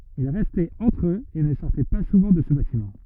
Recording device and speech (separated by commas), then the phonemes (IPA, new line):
rigid in-ear microphone, read sentence
il ʁɛstɛt ɑ̃tʁ øz e nə sɔʁtɛ pa suvɑ̃ də sə batimɑ̃